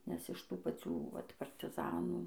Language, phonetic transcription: Lithuanian, nes iš ˈtų paˈcių ˈvat partiˈzanų

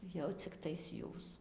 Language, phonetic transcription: Lithuanian, jau cikˈtais ˈjūs

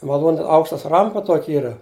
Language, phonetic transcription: Lithuanian, maˈlūn' ˈaukštas ˈrampa ˈtuoki ˈyra

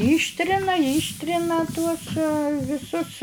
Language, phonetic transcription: Lithuanian, ˈyštrina ˈyštrina tuos viˈsus

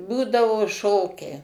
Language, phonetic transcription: Lithuanian, ˈbūdavo ˈšokiai

